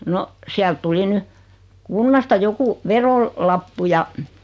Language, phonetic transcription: Finnish, 'no , siält tuli 'ny , "kunnasta 'joku , 'verol- , -'lappu ja .
- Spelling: no sieltä tuli nyt kunnasta joku - verolappu ja

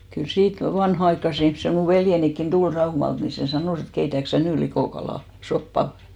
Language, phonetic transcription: Finnish, kyl "siit 'vanha₍aikkase ihmse mù 'veljenikkin "ᴅul 'Raumalt ni sè 'sanòs et » 'keitäk sä "nỳ 'likòkalà- , -'soppa ? «
- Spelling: kyllä siitä vanhanaikaiset ihmiset minun veljenikin tuli Raumalta niin se sanoi että keitätkö sinä nyt - likokalasoppaa

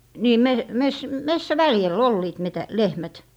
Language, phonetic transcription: Finnish, nii , 'me- , 'mes- , "messä'väljäl "olliit metä- , 'lehmät .
- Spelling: niin - - metsäväljällä olivat - lehmät

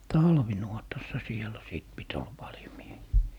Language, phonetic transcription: Finnish, "talvinuotassa 'sielä sìt 'pit ol 'Baljo 'miehii .
- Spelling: talvinuotassa siellä sitten piti olla paljon miehiä

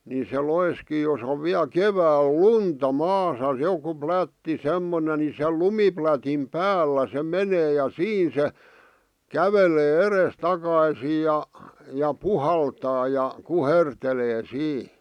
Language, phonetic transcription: Finnish, ni se 'loiskii jos ‿ov 'viäl "kevääl "lunta "maasa "joku "plätti "semmone ni se "lumiplätim "päällä se "menee ja "siin se , "kävele "eres'takaisiij ja , ja "puhaltaa ja , "kuhertelee "sii .
- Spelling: niin se loiskii jos on vielä keväällä lunta maassa joku plätti semmoinen niin se lumiplätin päällä se menee ja siinä se kävelee edestakaisin ja ja puhaltaa ja kuhertelee siinä

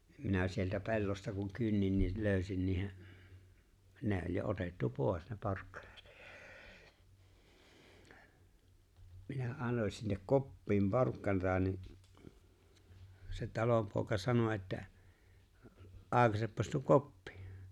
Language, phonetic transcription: Finnish, nim minä sieltä 'pe̬llosta kuŋ 'kynnin nii 'lööʸsin niihe , 'ne̬ o͕ĺ jo 'otettu 'pòes ne 'porkkaɴᴀt , minä '’annoń sinnek "koppiim 'porkkanata ni , se 'talompòeka 'sano että , » '’aakaseppas tuo "koppɪ « .
- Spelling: niin minä sieltä pellosta kun kynnin niin löysin niiden ne oli jo otettu pois ne porkkanat minä annoin sinne koppiin porkkanaa niin se talonpoika sanoi että aukaisepas tuo koppi

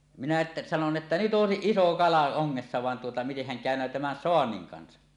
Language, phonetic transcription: Finnish, minä ’että , sanon 'että , » 'nyt 'ˀòesiˀ "iso "kala 'oŋŋessa van tuota mitehhän kä̀öǹöö tämän "soanniŋ 'kansa « .
- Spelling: minä että sanoin että nyt olisi iso kala ongessa vaan tuota mitenhän käynee tämän saannin kanssa

